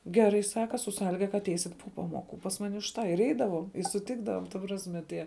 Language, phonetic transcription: Lithuanian, ˈgeˌrai ˈsaka su ˈsąliga ka atˈeisit po ˈpaˌmoˌku pas ˈmani už ˈtą ir ˈeidavom i suˈtikdavom ta ˈprasme ˈtie

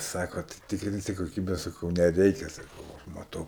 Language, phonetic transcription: Lithuanian, ˈsako tai ˈtikrinsi koˈkybe saˈkau neˈreikia saˈkau aš maˈtau

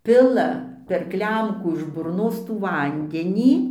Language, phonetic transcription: Lithuanian, ˈpila per ˈklemkų iš burˈnos tų ˈvandenį

